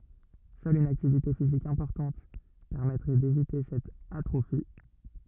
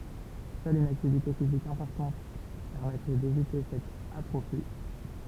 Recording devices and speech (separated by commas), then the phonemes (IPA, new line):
rigid in-ear microphone, temple vibration pickup, read sentence
sœl yn aktivite fizik ɛ̃pɔʁtɑ̃t pɛʁmɛtʁɛ devite sɛt atʁofi